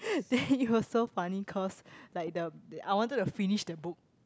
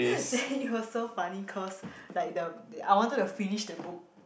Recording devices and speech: close-talking microphone, boundary microphone, conversation in the same room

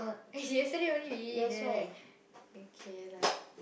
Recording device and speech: boundary microphone, conversation in the same room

